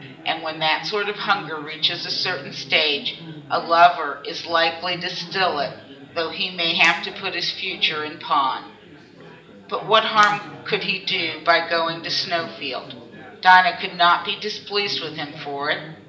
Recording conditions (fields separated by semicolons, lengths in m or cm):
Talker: one person; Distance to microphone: 1.8 m; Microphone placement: close; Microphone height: 1.0 m; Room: large; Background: babble